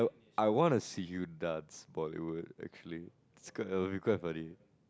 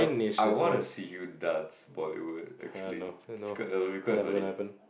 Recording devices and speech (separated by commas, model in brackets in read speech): close-talking microphone, boundary microphone, conversation in the same room